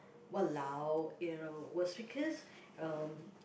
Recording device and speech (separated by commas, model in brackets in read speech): boundary microphone, conversation in the same room